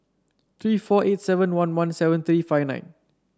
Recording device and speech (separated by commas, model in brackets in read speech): standing microphone (AKG C214), read sentence